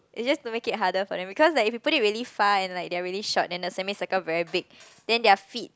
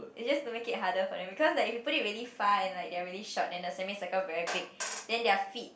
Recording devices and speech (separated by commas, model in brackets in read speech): close-talking microphone, boundary microphone, conversation in the same room